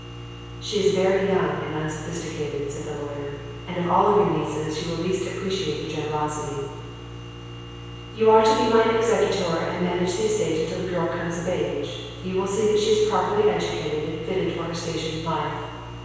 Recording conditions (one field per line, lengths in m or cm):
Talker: one person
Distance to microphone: 7.1 m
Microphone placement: far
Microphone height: 1.7 m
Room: very reverberant, large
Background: none